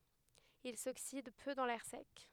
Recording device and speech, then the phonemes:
headset microphone, read sentence
il soksid pø dɑ̃ lɛʁ sɛk

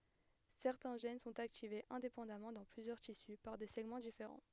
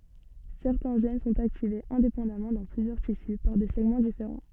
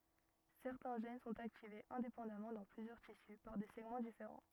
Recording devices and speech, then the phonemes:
headset microphone, soft in-ear microphone, rigid in-ear microphone, read sentence
sɛʁtɛ̃ ʒɛn sɔ̃t aktivez ɛ̃depɑ̃damɑ̃ dɑ̃ plyzjœʁ tisy paʁ de sɛɡmɑ̃ difeʁɑ̃

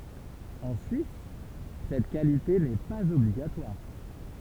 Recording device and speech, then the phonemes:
temple vibration pickup, read sentence
ɑ̃ syis sɛt kalite nɛ paz ɔbliɡatwaʁ

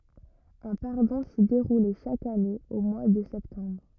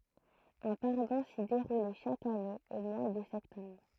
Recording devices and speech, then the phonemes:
rigid in-ear microphone, throat microphone, read sentence
œ̃ paʁdɔ̃ si deʁulɛ ʃak ane o mwa də sɛptɑ̃bʁ

